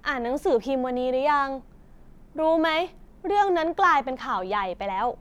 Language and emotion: Thai, frustrated